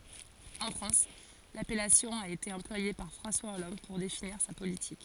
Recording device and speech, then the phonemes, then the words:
forehead accelerometer, read sentence
ɑ̃ fʁɑ̃s lapɛlasjɔ̃ a ete ɑ̃plwaje paʁ fʁɑ̃swa ɔlɑ̃d puʁ definiʁ sa politik
En France, l'appellation a été employée par François Hollande pour définir sa politique.

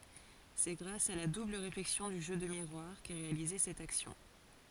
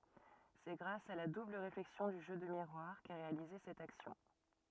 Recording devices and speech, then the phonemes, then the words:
forehead accelerometer, rigid in-ear microphone, read sentence
sɛ ɡʁas a la dubl ʁeflɛksjɔ̃ dy ʒø də miʁwaʁ kɛ ʁealize sɛt aksjɔ̃
C'est grâce à la double réflexion du jeu de miroir qu'est réalisée cette action.

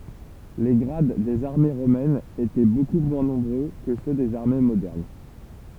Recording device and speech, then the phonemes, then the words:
temple vibration pickup, read sentence
le ɡʁad dez aʁme ʁomɛnz etɛ boku mwɛ̃ nɔ̃bʁø kə sø dez aʁme modɛʁn
Les grades des armées romaines étaient beaucoup moins nombreux que ceux des armées modernes.

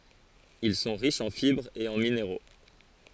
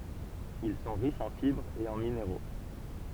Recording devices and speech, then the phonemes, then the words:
forehead accelerometer, temple vibration pickup, read sentence
il sɔ̃ ʁiʃz ɑ̃ fibʁz e ɑ̃ mineʁo
Ils sont riches en fibres et en minéraux.

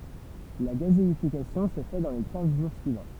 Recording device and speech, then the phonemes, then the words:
temple vibration pickup, read sentence
la ɡazeifikasjɔ̃ sə fɛ dɑ̃ le kɛ̃z ʒuʁ syivɑ̃
La gazéification se fait dans les quinze jours suivants.

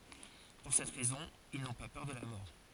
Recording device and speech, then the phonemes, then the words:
forehead accelerometer, read sentence
puʁ sɛt ʁɛzɔ̃ il nɔ̃ pa pœʁ də la mɔʁ
Pour cette raison, ils n'ont pas peur de la mort.

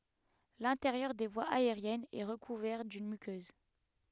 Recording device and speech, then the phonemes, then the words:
headset microphone, read sentence
lɛ̃teʁjœʁ de vwaz aeʁjɛnz ɛ ʁəkuvɛʁ dyn mykøz
L'intérieur des voies aériennes est recouvert d'une muqueuse.

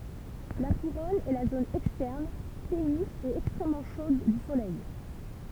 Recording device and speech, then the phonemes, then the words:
temple vibration pickup, read sentence
la kuʁɔn ɛ la zon ɛkstɛʁn teny e ɛkstʁɛmmɑ̃ ʃod dy solɛj
La couronne est la zone externe, ténue et extrêmement chaude du Soleil.

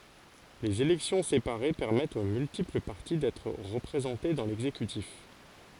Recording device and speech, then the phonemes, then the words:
forehead accelerometer, read sentence
lez elɛksjɔ̃ sepaʁe pɛʁmɛtt o myltipl paʁti dɛtʁ ʁəpʁezɑ̃te dɑ̃ lɛɡzekytif
Les élections séparées permettent aux multiples parties d'être représentées dans l'exécutif.

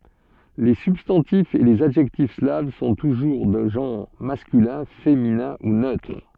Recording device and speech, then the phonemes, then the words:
soft in-ear microphone, read sentence
le sybstɑ̃tifz e lez adʒɛktif slav sɔ̃ tuʒuʁ də ʒɑ̃ʁ maskylɛ̃ feminɛ̃ u nøtʁ
Les substantifs et les adjectifs slaves sont toujours de genre masculin, féminin ou neutre.

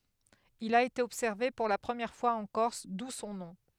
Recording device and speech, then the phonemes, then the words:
headset microphone, read sentence
il a ete ɔbsɛʁve puʁ la pʁəmjɛʁ fwaz ɑ̃ kɔʁs du sɔ̃ nɔ̃
Il a été observé pour la première fois en Corse, d'où son nom.

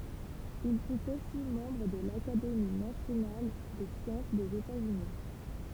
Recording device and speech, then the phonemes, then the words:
temple vibration pickup, read sentence
il fyt osi mɑ̃bʁ də lakademi nasjonal de sjɑ̃s dez etatsyni
Il fut aussi membre de l'Académie nationale des sciences des États-Unis.

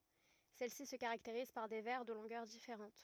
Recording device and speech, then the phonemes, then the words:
rigid in-ear microphone, read sentence
sɛl si sə kaʁakteʁiz paʁ de vɛʁ də lɔ̃ɡœʁ difeʁɑ̃t
Celles-ci se caractérisent par des vers de longueurs différentes.

